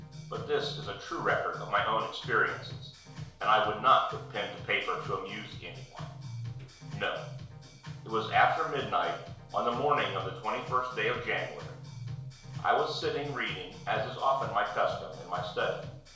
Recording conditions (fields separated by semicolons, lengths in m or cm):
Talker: one person; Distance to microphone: 1.0 m; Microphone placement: close; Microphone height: 1.1 m; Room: small (3.7 m by 2.7 m); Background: music